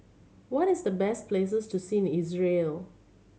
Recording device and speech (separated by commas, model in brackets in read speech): mobile phone (Samsung C7100), read sentence